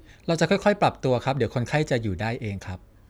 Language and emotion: Thai, neutral